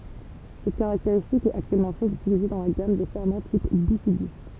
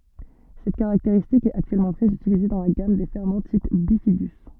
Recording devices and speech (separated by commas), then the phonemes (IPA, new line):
temple vibration pickup, soft in-ear microphone, read sentence
sɛt kaʁakteʁistik ɛt aktyɛlmɑ̃ tʁɛz ytilize dɑ̃ la ɡam de fɛʁmɑ̃ tip bifidy